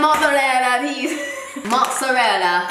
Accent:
italian accent